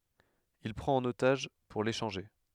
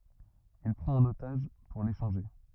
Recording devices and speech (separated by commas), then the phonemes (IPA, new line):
headset microphone, rigid in-ear microphone, read sentence
il pʁɑ̃t œ̃n otaʒ puʁ leʃɑ̃ʒe